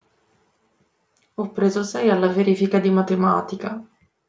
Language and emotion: Italian, sad